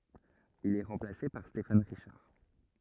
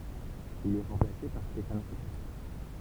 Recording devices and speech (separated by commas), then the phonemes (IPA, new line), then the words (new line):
rigid in-ear microphone, temple vibration pickup, read sentence
il ɛ ʁɑ̃plase paʁ stefan ʁiʃaʁ
Il est remplacé par Stéphane Richard.